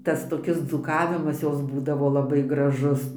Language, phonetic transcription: Lithuanian, ˈtas toˈkis dzūˈkavimas ˈjos ˈbūdavo laˈbai graˈžus

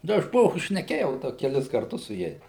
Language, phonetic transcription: Lithuanian, da aš ˈpo šneˈkėjau ˈda keˈlis karˈtus su ˈjais

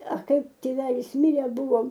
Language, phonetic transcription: Lithuanian, a ˈkaip tėˈvelis ˈmirė ˈbuvom

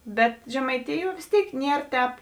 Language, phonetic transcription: Lithuanian, ˈbet žemaiˈtijuo vės ˈtėik ˈnier tēp

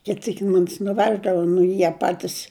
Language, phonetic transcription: Lithuanian, ˈkit ˈsyk ˈmumis nuˈveždava nu i ˈjie ˈpatis

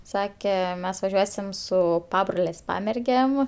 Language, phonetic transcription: Lithuanian, ˈsake ˈmes vaˈžiuosim ˈsu ˈpabrolės' ˈpamergėm

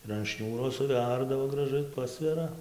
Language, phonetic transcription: Lithuanian, ir an ˈšniūro suˈverdavo graˈžai ˈpasvera

